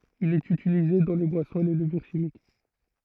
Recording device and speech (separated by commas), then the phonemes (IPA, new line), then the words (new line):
throat microphone, read sentence
il ɛt ytilize dɑ̃ le bwasɔ̃z e le ləvyʁ ʃimik
Il est utilisé dans les boissons et les levures chimiques.